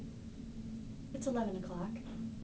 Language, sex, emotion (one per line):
English
female
neutral